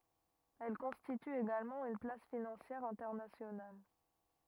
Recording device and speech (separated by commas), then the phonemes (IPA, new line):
rigid in-ear microphone, read sentence
ɛl kɔ̃stity eɡalmɑ̃ yn plas finɑ̃sjɛʁ ɛ̃tɛʁnasjonal